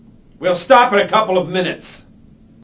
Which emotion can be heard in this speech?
angry